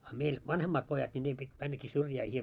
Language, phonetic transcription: Finnish, a meil , 'vanhemmaat 'pojat ńi nii pit , 'männäki 'syrjää ,. .
- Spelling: a meillä vanhemmat pojat niin niin piti mennäkin syrjään

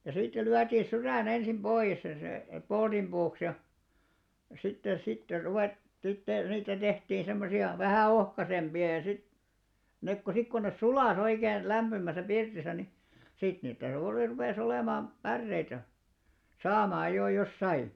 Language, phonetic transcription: Finnish, ja sittel 'lyätiiḭ "syrä̀'n ‿ensim 'ʙoiʲes ja se , "polᴅimʙuuks ja , sitte 'sitter ruvet- , sitte , 'niitä tehtii 'semmosi₍a , "vähä̀ 'ohkasemʙi₍a ja sit , 'nek ko 'sik kon ne "sulà's ‿oikeen , 'lämʙymäsä 'pirtisä ni , 'sit (niitä jo oli) rupè's ‿olèmaam , 'pärreitä , "saamaaj jò jos 'sai .
- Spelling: ja sitten lyötiin sydän ensin pois ja se polttopuuksi ja sitten sitten - sitten niitä tehtiin semmoisia vähän ohkaisempia ja sitten ne kun sitten kun ne suli oikein lämpimässä pirtissä niin sitten niitä jo oli rupesi olemaan päreitä saamaan jo jos sai

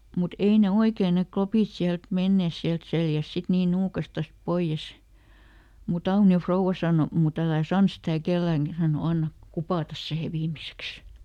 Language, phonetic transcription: Finnish, mut ˈei ne "oikee ne ˈklopìt siält ˈmennès siält ˈseljäs ˈsit ˈnii ˈnuukastas "poiʲes , muˈt ‿Auni₍o "frouwa sàno , » muˈt ‿älä̀ "sans sitä̀ ˈkelläŋkÄ » ("hän sano) » ˈannak "kupàtas sihe ˈviimiseks » .
- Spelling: mutta ei ne oikein ne klopit sieltä menneet sieltä selästä sitten niin nuukastaan pois mutta Aunion rouva sanoi mutta älä sano sitä kenellekään hän sanoi anna kupata siihen viimeiseksi

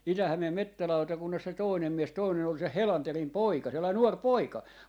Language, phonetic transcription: Finnish, se ‿ol "Niskai 'tää , 'Itähämeem "mettä'lautakunnas se 'tòinem 'mies , 'tòinen ‿ol se "Helanterim 'poika , 'sellai "nuor "poika .
- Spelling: se oli Niskanen tämä Itä-Hämeen metsälautakunnassa se toinen mies toinen oli se Helanderin poika sellainen nuori poika

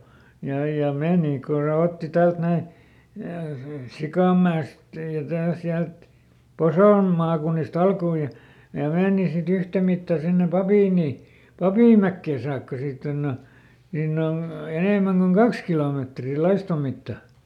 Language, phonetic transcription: Finnish, ja ja ˈmèni kun̬ se ˈotti ˈtält ˈnäi , "Sikàmmä₍est ja tää- ˈsiält , "Posòm maakunnisˈt ‿alkuu ja , ja ˈmeeni siˈt ‿yhtämitta sinne ˈPapìn̆ni- , "Papìm̆mäkkè saakka ˈsiitt ‿onn ‿o , ˈniinn ‿on̬ , ˈenèmäŋ koŋ "kaks kilòmètri ˈlaistom̆ mitta .
- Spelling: ja ja meni kun se otti täältä näin Sikainmäestä ja - sieltä Poson maakunnista alkua ja ja meni sitten yhtä mittaa sinne - Papinmäkeen saakka siitä on on niin on enemmän kuin kaksi kilometriä laiston mitta

